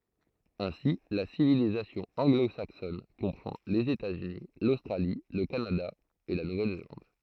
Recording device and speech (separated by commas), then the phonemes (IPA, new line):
throat microphone, read sentence
ɛ̃si la sivilizasjɔ̃ ɑ̃ɡlozaksɔn kɔ̃pʁɑ̃ lez etatsyni lostʁali lə kanada e la nuvɛlzelɑ̃d